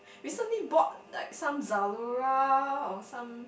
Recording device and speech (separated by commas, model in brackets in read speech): boundary microphone, conversation in the same room